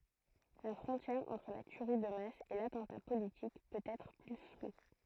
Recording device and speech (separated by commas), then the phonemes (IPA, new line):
throat microphone, read sentence
la fʁɔ̃tjɛʁ ɑ̃tʁ la tyʁi də mas e latɑ̃ta politik pøt ɛtʁ ply flu